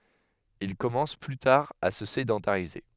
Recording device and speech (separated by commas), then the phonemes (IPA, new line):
headset microphone, read sentence
il kɔmɑ̃s ply taʁ a sə sedɑ̃taʁize